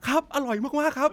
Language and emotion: Thai, happy